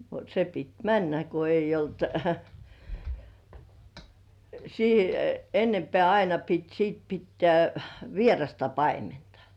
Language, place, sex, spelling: Finnish, Kurkijoki, female, se piti mennä kun ei ollut - enempää aina piti sitten pitää vierasta paimenta
- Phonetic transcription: se pit "männä ko 'eij̆j ‿'olt , sì- "ennempĕä̀ 'aina pit sìt 'pittĕä̀ , "vierasta 'paimentᴀ .

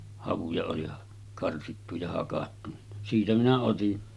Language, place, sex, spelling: Finnish, Sotkamo, male, havuja oli karsittu ja hakattu niin siitä minä otin
- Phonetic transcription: 'havuja oli , 'karsittu ja hakattu ni , 'siitä minä otin . «

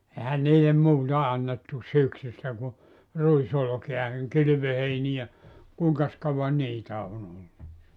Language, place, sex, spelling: Finnish, Joutsa, male, eihän niille muuta annettu syksystä kuin ruisolkea niin kylvöheiniä kuinkas kauan niitä on ollut
- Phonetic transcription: 'ehän niilem 'muuta annettu "syksystä ku , "ruisolᵒkea (niŋ) "kylyvöheinijä , 'kùiŋkas 'kauvan "niitä on ‿ollu .

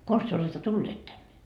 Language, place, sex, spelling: Finnish, Markkova, female, konsa te olette tulleet tänne
- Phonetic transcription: "kons työ oletta "tulleet tänne ?

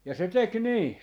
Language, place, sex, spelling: Finnish, Jaala, male, ja se teki niin
- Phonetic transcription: ja 'se "tek "nii .

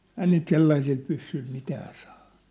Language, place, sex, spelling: Finnish, Sippola, male, ei niitä sellaisilla pyssyillä mitään saa
- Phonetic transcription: 'ɛi niit 'sellaisil 'pyssyĭl 'mitää sᴀᴀ .

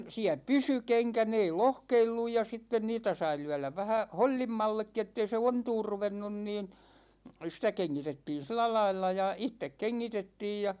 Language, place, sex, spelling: Finnish, Ikaalinen, male, siellä pysyi kenkä ne ei lohkeillut ja sitten niitä sai lyödä vähän hollimmallekin että ei se ontumaan ruvennut niin sitä kengitettiin sillä lailla ja itse kengitettiin ja
- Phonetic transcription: 'siä "pysy 'keŋkä , 'ne ei "lohkeilluj ja 'sitten 'niitä sai 'lyäläv vähä , 'hol͕l͕immallekki ettei se "ontuur 'ruvennun niin , sitä 'keŋŋitettiin̬ 'silä lailla ja "ittek 'keŋŋitettiij ja ,.

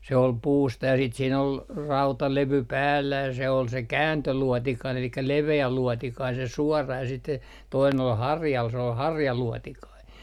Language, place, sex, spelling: Finnish, Artjärvi, male, se oli puusta ja sitten siinä oli rautalevy päällä ja se oli se kääntöluotikainen eli leveä luotikainen se suora ja sitten se toinen oli harjalla se oli harjaluotikainen
- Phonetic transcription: se ol "puusta ja siit siin ‿ol , "rautalevy 'päällä ja se ol se "kääntöluɔtikain ‿elikkä 'leve₍ä 'luɔtikain se 'suɔra ja siit se , toinen ‿ol "harjal s ‿ol "harjaluɔtikai .

